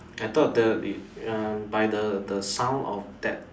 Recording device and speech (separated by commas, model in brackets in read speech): standing microphone, conversation in separate rooms